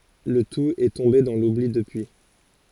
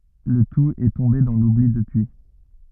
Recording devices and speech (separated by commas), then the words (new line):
forehead accelerometer, rigid in-ear microphone, read sentence
Le tout est tombé dans l'oubli depuis.